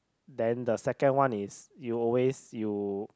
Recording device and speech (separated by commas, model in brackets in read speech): close-talking microphone, conversation in the same room